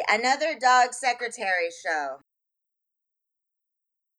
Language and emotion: English, disgusted